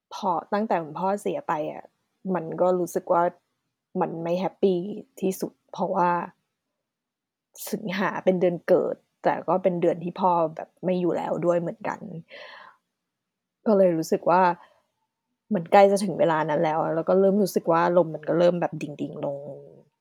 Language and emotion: Thai, sad